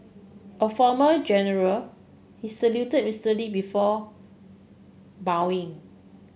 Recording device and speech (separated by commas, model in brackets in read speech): boundary microphone (BM630), read sentence